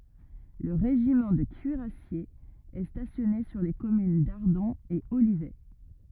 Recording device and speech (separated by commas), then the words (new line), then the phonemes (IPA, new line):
rigid in-ear microphone, read sentence
Le régiment de cuirassiers est stationné sur les communes d'Ardon et Olivet.
lə ʁeʒimɑ̃ də kyiʁasjez ɛ stasjɔne syʁ le kɔmyn daʁdɔ̃ e olivɛ